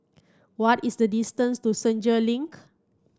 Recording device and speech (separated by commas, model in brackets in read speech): standing microphone (AKG C214), read sentence